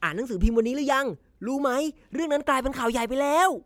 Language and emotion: Thai, happy